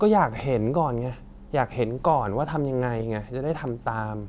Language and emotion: Thai, frustrated